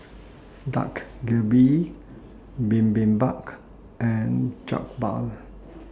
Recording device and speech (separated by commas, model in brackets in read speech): standing microphone (AKG C214), read sentence